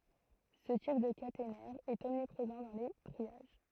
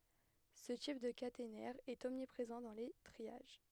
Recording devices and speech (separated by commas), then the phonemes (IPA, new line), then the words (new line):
throat microphone, headset microphone, read sentence
sə tip də katenɛʁ ɛt ɔmnipʁezɑ̃ dɑ̃ le tʁiaʒ
Ce type de caténaire est omniprésent dans les triages.